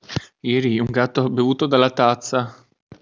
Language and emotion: Italian, disgusted